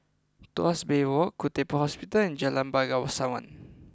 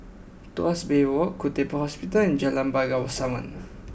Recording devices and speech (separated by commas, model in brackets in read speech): close-talking microphone (WH20), boundary microphone (BM630), read sentence